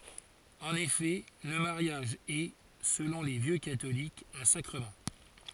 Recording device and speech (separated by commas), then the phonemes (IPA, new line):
forehead accelerometer, read sentence
ɑ̃n efɛ lə maʁjaʒ ɛ səlɔ̃ le vjø katolikz œ̃ sakʁəmɑ̃